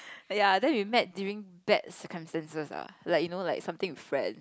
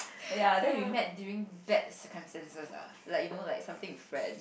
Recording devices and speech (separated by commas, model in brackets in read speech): close-talking microphone, boundary microphone, conversation in the same room